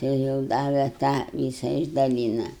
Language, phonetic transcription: Lithuanian, tai jau ˈdave ˈtą ˈvysa išdaˈlyna

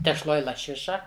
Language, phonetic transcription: Lithuanian, tešˈloj laˈšiša

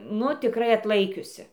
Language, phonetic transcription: Lithuanian, ˈnu tiˈkrai atˈlaikiusi

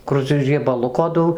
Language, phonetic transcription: Lithuanian, ˈkur cia riebaˈluko ˈdau

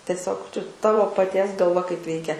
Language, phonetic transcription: Lithuanian, teˈsiog čia ˈtavo paˈties galˈva kaip ˈveikia

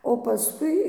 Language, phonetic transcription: Lithuanian, o paˈskui

